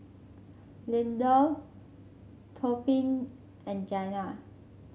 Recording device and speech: mobile phone (Samsung C5), read sentence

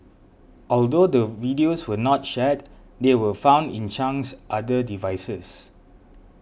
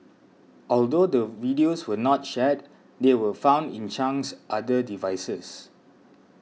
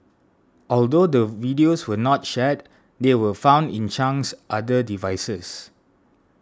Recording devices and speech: boundary microphone (BM630), mobile phone (iPhone 6), standing microphone (AKG C214), read sentence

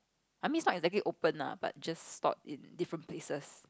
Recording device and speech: close-talking microphone, conversation in the same room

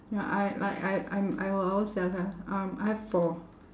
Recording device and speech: standing microphone, conversation in separate rooms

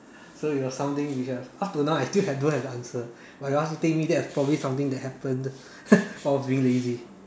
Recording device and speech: standing microphone, conversation in separate rooms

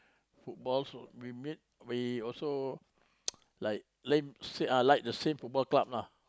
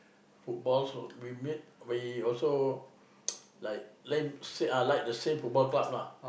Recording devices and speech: close-talking microphone, boundary microphone, conversation in the same room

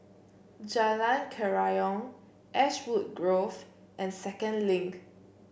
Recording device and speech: boundary microphone (BM630), read sentence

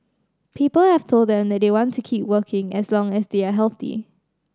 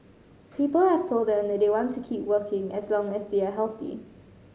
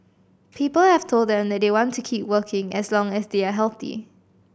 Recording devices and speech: standing microphone (AKG C214), mobile phone (Samsung C5010), boundary microphone (BM630), read sentence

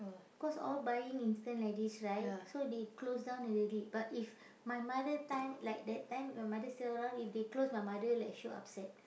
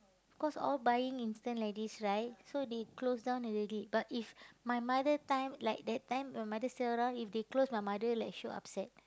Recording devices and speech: boundary microphone, close-talking microphone, conversation in the same room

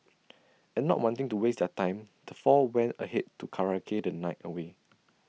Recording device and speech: mobile phone (iPhone 6), read sentence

